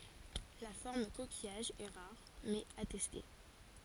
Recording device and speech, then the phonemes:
forehead accelerometer, read sentence
la fɔʁm kokijaʒ ɛ ʁaʁ mɛz atɛste

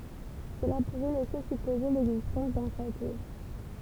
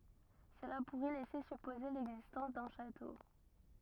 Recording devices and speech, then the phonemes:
temple vibration pickup, rigid in-ear microphone, read sentence
səla puʁɛ lɛse sypoze lɛɡzistɑ̃s dœ̃ ʃato

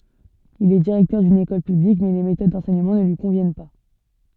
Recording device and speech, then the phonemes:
soft in-ear microphone, read sentence
il ɛ diʁɛktœʁ dyn ekɔl pyblik mɛ le metod dɑ̃sɛɲəmɑ̃ nə lyi kɔ̃vjɛn pa

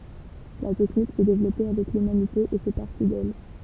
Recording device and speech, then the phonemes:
temple vibration pickup, read sentence
la tɛknik sɛ devlɔpe avɛk lymanite e fɛ paʁti dɛl

